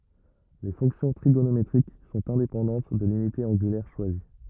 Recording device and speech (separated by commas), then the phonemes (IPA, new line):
rigid in-ear microphone, read sentence
le fɔ̃ksjɔ̃ tʁiɡonometʁik sɔ̃t ɛ̃depɑ̃dɑ̃t də lynite ɑ̃ɡylɛʁ ʃwazi